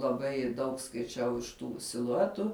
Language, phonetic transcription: Lithuanian, laˈbai daug skaiˈčiau iš ˈtų siluˈetu

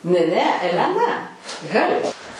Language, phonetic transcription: Lithuanian, ne ˈne eleˈna ˈhalė

